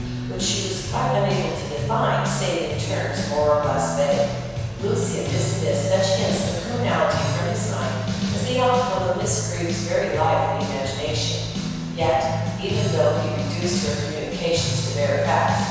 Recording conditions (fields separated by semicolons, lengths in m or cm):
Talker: one person; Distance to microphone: 7.1 m; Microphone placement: far; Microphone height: 1.7 m; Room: very reverberant, large; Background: music